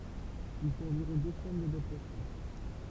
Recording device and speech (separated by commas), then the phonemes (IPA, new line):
temple vibration pickup, read sentence
il fot ɑ̃viʁɔ̃ dø səmɛn dadaptasjɔ̃